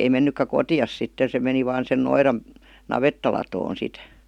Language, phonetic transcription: Finnish, ei 'mennykkä "kotiʲas sitte se 'meni 'vaan sen 'noiran , "navettalatoon sit .
- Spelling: ei mennytkään kotiinsa sitten se meni vain sen noidan navettalatoon sitten

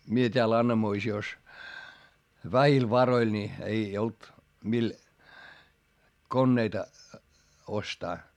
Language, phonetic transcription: Finnish, mie t́eäl Annamoisi₍os , vähil varoil ńi , ei olt mil , konneita , ostaa .
- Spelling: minä täällä Annamoisiossa vähillä varoilla niin ei ollut millä koneita ostaa

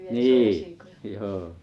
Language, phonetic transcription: Finnish, ni̬i̬ , 'joo .
- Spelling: niin joo

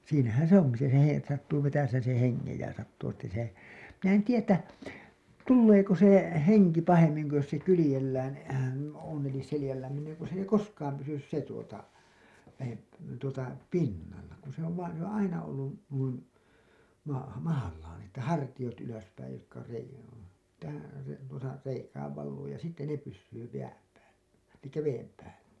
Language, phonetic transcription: Finnish, siinähän̬ se ‿"oŋki se he- , että sattuu 'vetäseen̬ sen̬ 'heŋŋej ja sattuu että se , 'min ‿en "tiijä ‿ttä , "tulleeko se , "heŋki 'pahemmiŋ ku jos se 'kylĭjellään , on̬ elis 'selĭjällään niin ‿ei ku s ‿ei "koskaam pysys 'se tuota , lähep- , tuota , "pinnalla , kun se ‿ov vaan̬ se ‿on "aina ollu , nuin , ma- , 'mahallaan ‿että "hartiʲot ylöspäij jotka se , tä(hän) , se tuosa , 'reikääv valluu ja sitte 'ne pyssyy 'jääm päällä , elikkä 'veem päällä .
- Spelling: siinähän se onkin se - että sattuu vetäisemään sen hengen ja sattuu että se minä en tiedä että tuleeko se henki pahemmin kuin jos se kyljellään on eli selällään niin ei kun se ei koskaan pysy se tuota - tuota pinnalla kun se on vain se on aina ollut noin - mahallaan että hartiat ylöspäin jotka se tähän se tuossa reikään valuu ja sitten ne pysyy jään päällä eli veden päällä

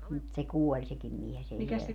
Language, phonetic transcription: Finnish, mut se "kuoĺ 'sekim mies ‿ei siɛlä ,.
- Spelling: mutta se kuoli sekin mies ei siellä

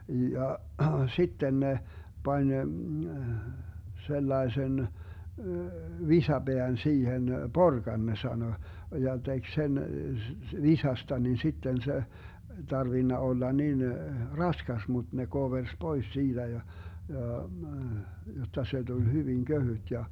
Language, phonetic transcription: Finnish, 'ja , 'sitten ne , 'pań , 'sellaesen , 'visa'Beän 'siihen , "porkan 'ne 'sano , ja 'tek 'sen , 'visasta nin̬ 'sitten 'se , (ei) "tarvinna 'olla 'nin , "raskas 'mut ne 'kovers 'pois 'siitä ja , ja , 'jotta 'se Dul "hyviŋ 'köhyt ja ,.
- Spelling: ja sitten ne pani sellaisen visapään siihen porkan ne sanoi ja teki sen visasta niin sitten se ei tarvinnut olla niin raskas mutta ne koversi pois siitä ja ja jotta se tuli hyvin kevyt ja

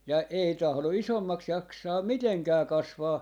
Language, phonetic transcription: Finnish, ja 'ei tahlo "isommaks 'jaksaam "miteŋkää 'kasvaa .
- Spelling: ja ei tahdo isommaksi jaksaa mitenkään kasvaa

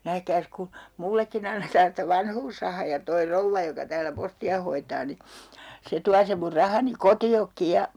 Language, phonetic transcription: Finnish, 'nähkääs ku , 'mullekkin ‿annetaan sⁱtä "vanhuusrahaa ja toi 'rouvva joka täälä 'posti₍a hoitaa ni , 'se tua sem mur 'rahani "koti₍okki ja ,.
- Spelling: nähkääs kun minullekin annetaan sitä vanhuusrahaa ja tuo rouva joka täällä postia hoitaa niin se tuo sen minun rahani kotiinkin ja

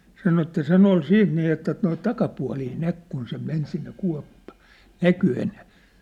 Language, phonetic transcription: Finnish, sano että 'sen ‿ol 'siit nì että noit 'takapua̭lii 'näk kun se 'men sinne 'kua̭ppa̭ näky enää .
- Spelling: sanoi että sen oli sitten niin että noita takapuolia näki kun se meni sinne kuoppa näkyi enää

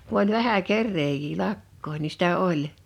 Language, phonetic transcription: Finnish, ku ‿oĺ 'vähä "kerreejii "lak̀koin ni 'sitä "oĺ .
- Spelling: kun oli vähän kerääjiä lakkojen niin sitä oli

